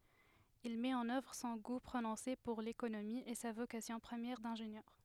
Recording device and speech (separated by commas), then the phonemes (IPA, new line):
headset microphone, read sentence
il mɛt ɑ̃n œvʁ sɔ̃ ɡu pʁonɔ̃se puʁ lekonomi e sa vokasjɔ̃ pʁəmjɛʁ dɛ̃ʒenjœʁ